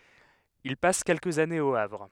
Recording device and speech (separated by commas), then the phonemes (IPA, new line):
headset microphone, read sentence
il pas kɛlkəz anez o avʁ